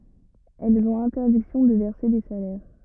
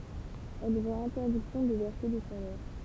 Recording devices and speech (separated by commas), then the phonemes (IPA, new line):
rigid in-ear microphone, temple vibration pickup, read sentence
ɛlz ɔ̃t ɛ̃tɛʁdiksjɔ̃ də vɛʁse de salɛʁ